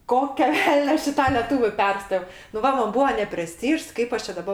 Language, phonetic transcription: Lithuanian, ˈkokio ˈvelnio ˈaš i ta leˈtūviu ˈpersto nu ˈva ˈman ˈbūo nepreˈstyžs ˈkaip aš čia daˈba

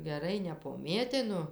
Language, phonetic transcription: Lithuanian, geˈrai nepoˈmėtinu

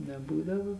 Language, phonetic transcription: Lithuanian, neˈbūdavo

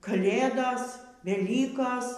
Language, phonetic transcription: Lithuanian, kaˈlėdos veˈlykos

